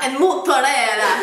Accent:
italian accent